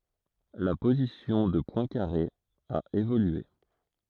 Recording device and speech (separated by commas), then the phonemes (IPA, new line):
throat microphone, read sentence
la pozisjɔ̃ də pwɛ̃kaʁe a evolye